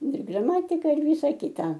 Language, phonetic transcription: Lithuanian, ir graˈmatika ir ˈvysa ˈkita

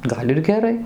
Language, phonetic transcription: Lithuanian, ˈgal' ir geˈrai

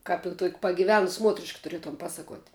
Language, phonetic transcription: Lithuanian, ˈkap i tuok' pagiˈvenus ˈmuotrišk tuˈrietum ˈpasaˌkuot'

